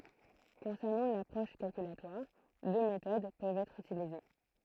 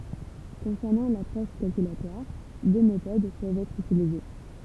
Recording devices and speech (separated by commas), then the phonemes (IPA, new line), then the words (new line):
throat microphone, temple vibration pickup, read sentence
kɔ̃sɛʁnɑ̃ lapʁɔʃ kalkylatwaʁ dø metod pøvt ɛtʁ ytilize
Concernant l’approche calculatoire, deux méthodes peuvent être utilisées.